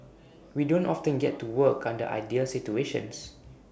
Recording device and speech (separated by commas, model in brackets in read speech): boundary microphone (BM630), read sentence